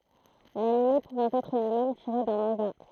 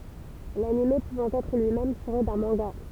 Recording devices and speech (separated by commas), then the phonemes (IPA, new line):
throat microphone, temple vibration pickup, read sentence
lanim puvɑ̃ ɛtʁ lyi mɛm tiʁe dœ̃ mɑ̃ɡa